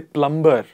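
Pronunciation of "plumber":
'Plumber' is pronounced incorrectly here.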